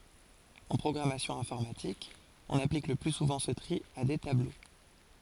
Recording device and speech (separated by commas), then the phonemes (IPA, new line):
forehead accelerometer, read sentence
ɑ̃ pʁɔɡʁamasjɔ̃ ɛ̃fɔʁmatik ɔ̃n aplik lə ply suvɑ̃ sə tʁi a de tablo